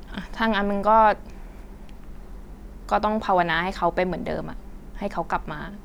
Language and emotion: Thai, frustrated